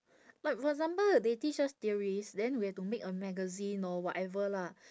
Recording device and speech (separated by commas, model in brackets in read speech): standing microphone, conversation in separate rooms